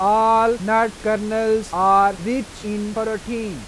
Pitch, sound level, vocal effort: 220 Hz, 96 dB SPL, loud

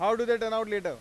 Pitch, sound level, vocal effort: 225 Hz, 103 dB SPL, very loud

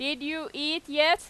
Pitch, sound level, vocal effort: 305 Hz, 95 dB SPL, very loud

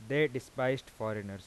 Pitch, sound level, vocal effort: 130 Hz, 90 dB SPL, normal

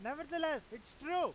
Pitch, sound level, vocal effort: 310 Hz, 100 dB SPL, very loud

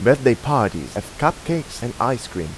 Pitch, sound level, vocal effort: 120 Hz, 88 dB SPL, normal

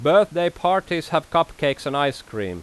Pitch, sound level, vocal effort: 155 Hz, 93 dB SPL, very loud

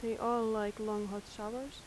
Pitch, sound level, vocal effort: 220 Hz, 83 dB SPL, soft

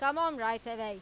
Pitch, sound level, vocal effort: 230 Hz, 99 dB SPL, loud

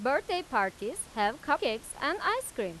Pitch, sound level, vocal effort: 280 Hz, 94 dB SPL, loud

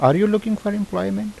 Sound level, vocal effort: 83 dB SPL, normal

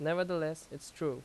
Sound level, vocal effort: 85 dB SPL, loud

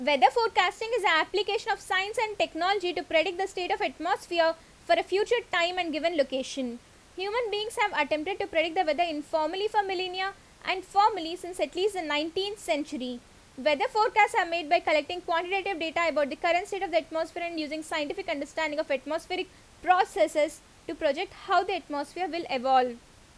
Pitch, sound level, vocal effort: 350 Hz, 88 dB SPL, very loud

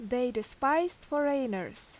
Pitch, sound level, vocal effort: 265 Hz, 85 dB SPL, loud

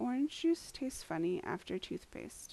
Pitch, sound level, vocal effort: 265 Hz, 78 dB SPL, soft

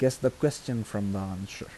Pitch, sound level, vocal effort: 120 Hz, 79 dB SPL, soft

